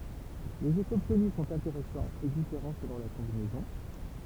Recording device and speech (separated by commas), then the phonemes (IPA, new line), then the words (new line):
temple vibration pickup, read sentence
lez efɛz ɔbtny sɔ̃t ɛ̃teʁɛsɑ̃z e difeʁɑ̃ səlɔ̃ la kɔ̃binɛzɔ̃
Les effets obtenus sont intéressants et différents selon la combinaison.